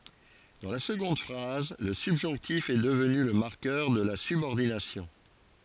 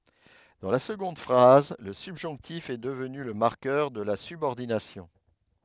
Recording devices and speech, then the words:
forehead accelerometer, headset microphone, read sentence
Dans la seconde phrase, le subjonctif est devenu le marqueur de la subordination.

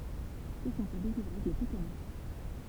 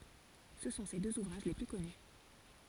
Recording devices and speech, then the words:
temple vibration pickup, forehead accelerometer, read sentence
Ce sont ses deux ouvrages les plus connus.

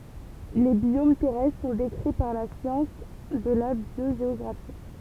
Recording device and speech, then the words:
temple vibration pickup, read sentence
Les biomes terrestres sont décrits par la science de la biogéographie.

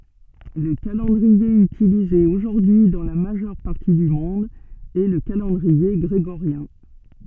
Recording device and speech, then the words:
soft in-ear microphone, read sentence
Le calendrier utilisé aujourd'hui dans la majeure partie du monde est le calendrier grégorien.

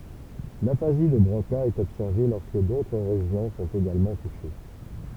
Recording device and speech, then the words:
temple vibration pickup, read sentence
L'aphasie de Broca est observée lorsque d'autres régions sont également touchées.

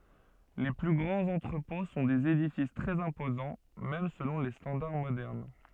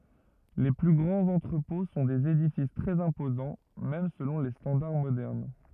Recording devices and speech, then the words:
soft in-ear microphone, rigid in-ear microphone, read sentence
Les plus grands entrepôts sont des édifices très imposants, même selon les standards modernes.

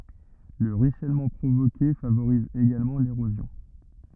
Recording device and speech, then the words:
rigid in-ear microphone, read sentence
Le ruissellement provoqué favorise également l'érosion.

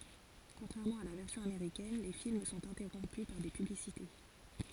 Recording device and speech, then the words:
forehead accelerometer, read sentence
Contrairement à la version américaine, les films sont interrompus par des publicités.

